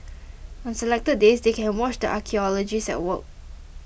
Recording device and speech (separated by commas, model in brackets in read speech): boundary microphone (BM630), read sentence